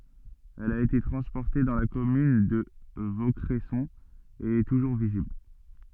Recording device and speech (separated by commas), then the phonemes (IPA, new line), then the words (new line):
soft in-ear microphone, read sentence
ɛl a ete tʁɑ̃spɔʁte dɑ̃ la kɔmyn də vokʁɛsɔ̃ e ɛ tuʒuʁ vizibl
Elle a été transportée dans la commune de Vaucresson et est toujours visible.